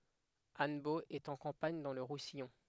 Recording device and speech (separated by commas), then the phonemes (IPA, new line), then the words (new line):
headset microphone, read sentence
anbo ɛt ɑ̃ kɑ̃paɲ dɑ̃ lə ʁusijɔ̃
Annebault est en campagne dans le Roussillon.